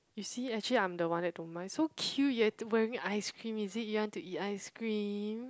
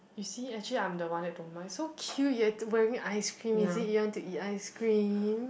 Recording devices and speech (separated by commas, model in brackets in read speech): close-talking microphone, boundary microphone, conversation in the same room